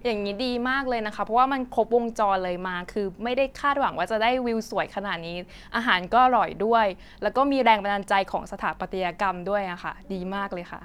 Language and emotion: Thai, happy